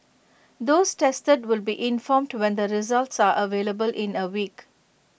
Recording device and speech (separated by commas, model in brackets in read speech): boundary microphone (BM630), read sentence